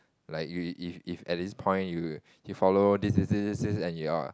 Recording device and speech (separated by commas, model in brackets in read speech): close-talking microphone, conversation in the same room